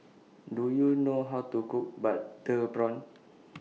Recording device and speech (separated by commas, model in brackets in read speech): mobile phone (iPhone 6), read sentence